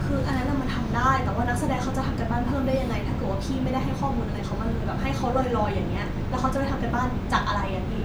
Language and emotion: Thai, frustrated